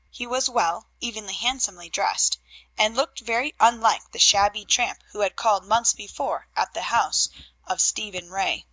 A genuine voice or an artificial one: genuine